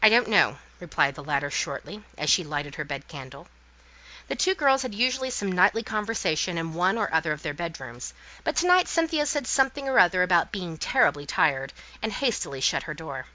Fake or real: real